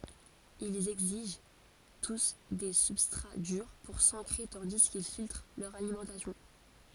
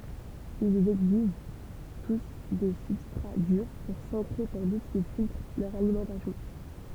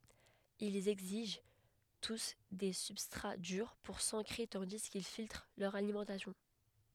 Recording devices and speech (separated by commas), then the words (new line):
forehead accelerometer, temple vibration pickup, headset microphone, read sentence
Ils exigent tous des substrats durs pour s'ancrer tandis qu'ils filtrent leur alimentation.